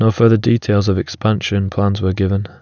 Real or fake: real